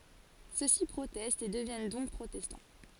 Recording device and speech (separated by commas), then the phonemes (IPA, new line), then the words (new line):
forehead accelerometer, read sentence
søksi pʁotɛstt e dəvjɛn dɔ̃k pʁotɛstɑ̃
Ceux-ci protestent et deviennent donc protestants.